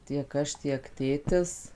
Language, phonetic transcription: Lithuanian, tiek ˈaš tiek ˈtėtis

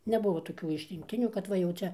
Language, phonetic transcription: Lithuanian, neˈbuvo toˈkių išrinkˈtinių kad ˈva jau ˈčia

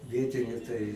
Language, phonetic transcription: Lithuanian, ˈvietiniu tai

